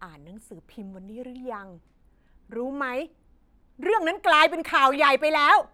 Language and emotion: Thai, angry